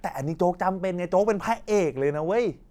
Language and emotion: Thai, happy